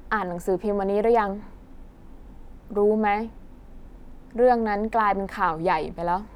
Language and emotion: Thai, frustrated